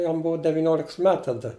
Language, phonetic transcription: Lithuanian, ˈjam ˈbuo deviˈnioliks ˈmet taˈda

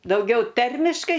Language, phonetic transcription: Lithuanian, dauˈgiau ˈtermiškai

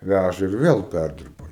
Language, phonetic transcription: Lithuanian, ˈvæža ir ˈvėl ˈpærdirba

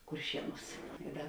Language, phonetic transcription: Lithuanian, kurˈšieˌnūs i ˈda

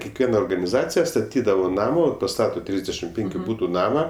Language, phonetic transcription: Lithuanian, kekˈviena organiˈzacija staˈtydavo ˈnamo paˈstato ˈtrisdešimt ˈpenkiu ˈbūtu ˈnama

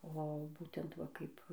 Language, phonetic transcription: Lithuanian, o ˈbūtent va ˈkaip

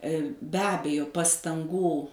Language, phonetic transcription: Lithuanian, be ˈabejo pastanˈgų

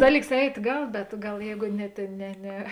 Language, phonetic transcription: Lithuanian, ˈdaˌlyks ˈeit' ˈgal bet ˈgal ˈjeigu ne ˈtėn ˈne ˈne

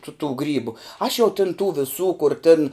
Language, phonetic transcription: Lithuanian, tu tų ˈgrybu aš jau tin tų viˈsų kur tin

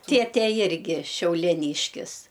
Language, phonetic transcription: Lithuanian, ˈtėtė ˈjirgi šiaulieˈnyškis

